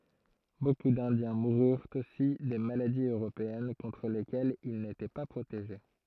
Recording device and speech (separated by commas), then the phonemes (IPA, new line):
throat microphone, read sentence
boku dɛ̃djɛ̃ muʁyʁt osi de maladiz øʁopeɛn kɔ̃tʁ lekɛlz il netɛ pa pʁoteʒe